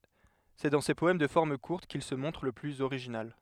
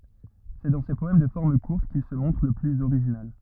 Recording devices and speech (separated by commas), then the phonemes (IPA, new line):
headset microphone, rigid in-ear microphone, read sentence
sɛ dɑ̃ se pɔɛm də fɔʁm kuʁt kil sə mɔ̃tʁ lə plyz oʁiʒinal